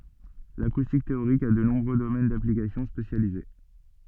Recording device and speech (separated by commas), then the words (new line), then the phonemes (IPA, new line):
soft in-ear microphone, read sentence
L'acoustique théorique a de nombreux domaines d'application spécialisés.
lakustik teoʁik a də nɔ̃bʁø domɛn daplikasjɔ̃ spesjalize